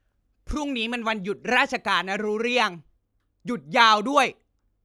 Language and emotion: Thai, angry